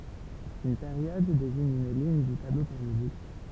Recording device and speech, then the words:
temple vibration pickup, read sentence
Une période désigne une ligne du tableau périodique.

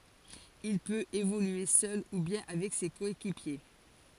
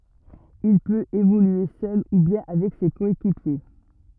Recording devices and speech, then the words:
forehead accelerometer, rigid in-ear microphone, read sentence
Il peut évoluer seul ou bien avec ses coéquipiers.

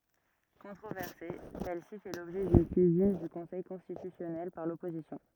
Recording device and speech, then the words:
rigid in-ear microphone, read sentence
Controversée, celle-ci fait l'objet d'une saisine du Conseil constitutionnel par l'opposition.

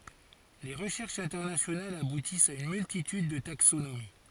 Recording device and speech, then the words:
forehead accelerometer, read sentence
Les recherches internationales aboutissent à une multitude de taxonomies.

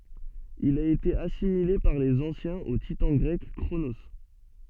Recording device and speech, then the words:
soft in-ear microphone, read sentence
Il a été assimilé par les anciens au titan grec Cronos.

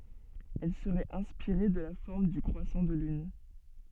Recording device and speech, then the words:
soft in-ear microphone, read sentence
Elle serait inspirée de la forme du croissant de lune.

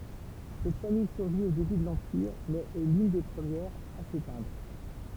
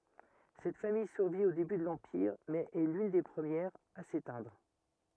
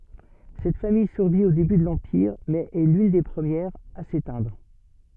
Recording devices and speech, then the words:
temple vibration pickup, rigid in-ear microphone, soft in-ear microphone, read sentence
Cette famille survit au début de l'Empire, mais est l'une des premières à s'éteindre.

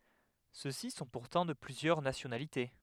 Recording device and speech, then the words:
headset microphone, read sentence
Ceux-ci sont pourtant de plusieurs nationalités.

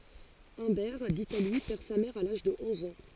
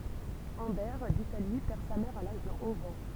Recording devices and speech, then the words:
forehead accelerometer, temple vibration pickup, read sentence
Humbert d'Italie perd sa mère à l'âge de onze ans.

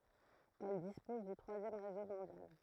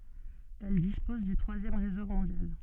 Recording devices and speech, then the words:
throat microphone, soft in-ear microphone, read sentence
Elle dispose du troisième réseau mondial.

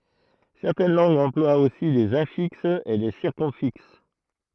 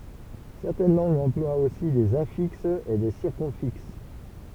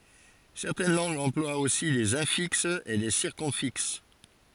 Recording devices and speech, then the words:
throat microphone, temple vibration pickup, forehead accelerometer, read sentence
Certaines langues emploient aussi des infixes et des circumfixes.

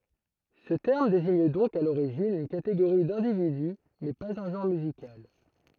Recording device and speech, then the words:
throat microphone, read sentence
Ce terme désigne donc à l'origine une catégorie d'individu mais pas un genre musical.

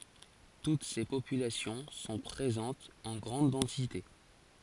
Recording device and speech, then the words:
forehead accelerometer, read sentence
Toutes ces populations sont présentes en grande densité.

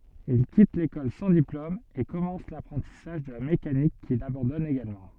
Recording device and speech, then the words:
soft in-ear microphone, read sentence
Il quitte l’école sans diplôme et commence l’apprentissage de la mécanique qu’il abandonne également.

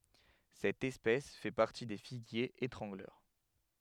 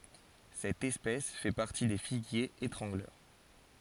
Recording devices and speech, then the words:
headset microphone, forehead accelerometer, read sentence
Cette espèce fait partie des figuiers étrangleurs.

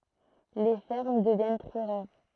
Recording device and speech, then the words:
throat microphone, read sentence
Les fermes deviennent très rares.

